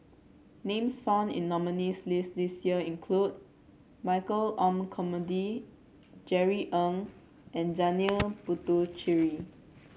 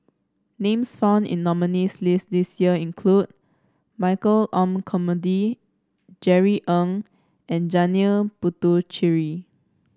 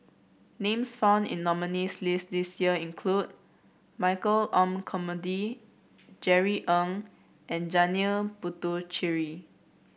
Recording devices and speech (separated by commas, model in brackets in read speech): mobile phone (Samsung C7), standing microphone (AKG C214), boundary microphone (BM630), read sentence